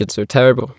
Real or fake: fake